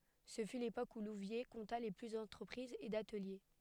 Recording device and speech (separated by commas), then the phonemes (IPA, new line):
headset microphone, read sentence
sə fy lepok u luvje kɔ̃ta lə ply dɑ̃tʁəpʁizz e datəlje